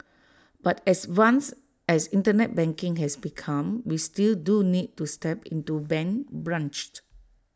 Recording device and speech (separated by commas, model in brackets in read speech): standing microphone (AKG C214), read sentence